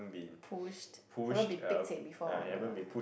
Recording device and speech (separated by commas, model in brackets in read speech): boundary microphone, conversation in the same room